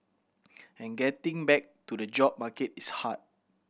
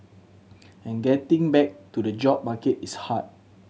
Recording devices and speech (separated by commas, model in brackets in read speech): boundary microphone (BM630), mobile phone (Samsung C7100), read sentence